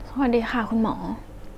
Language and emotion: Thai, neutral